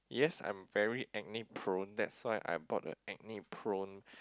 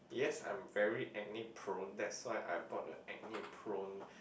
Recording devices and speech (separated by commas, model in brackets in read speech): close-talking microphone, boundary microphone, conversation in the same room